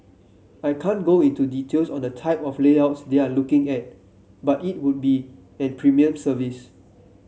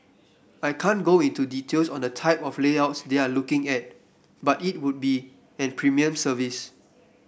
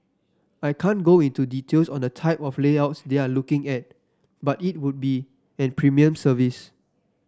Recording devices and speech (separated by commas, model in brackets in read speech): mobile phone (Samsung C7), boundary microphone (BM630), standing microphone (AKG C214), read sentence